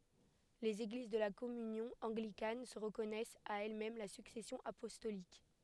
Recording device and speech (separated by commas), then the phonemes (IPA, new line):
headset microphone, read sentence
lez eɡliz də la kɔmynjɔ̃ ɑ̃ɡlikan sə ʁəkɔnɛst a ɛlɛsmɛm la syksɛsjɔ̃ apɔstolik